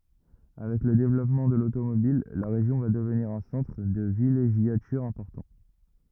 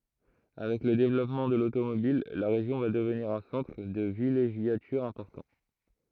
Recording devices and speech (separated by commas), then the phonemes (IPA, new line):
rigid in-ear microphone, throat microphone, read sentence
avɛk lə devlɔpmɑ̃ də lotomobil la ʁeʒjɔ̃ va dəvniʁ œ̃ sɑ̃tʁ də vileʒjatyʁ ɛ̃pɔʁtɑ̃